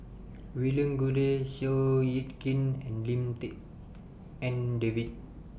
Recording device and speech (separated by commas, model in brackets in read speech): boundary microphone (BM630), read sentence